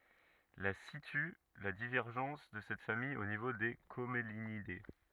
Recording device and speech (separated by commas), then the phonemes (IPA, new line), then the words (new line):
rigid in-ear microphone, read sentence
la sity la divɛʁʒɑ̃s də sɛt famij o nivo de kɔmlinide
La situe la divergence de cette famille au niveau des Commelinidées.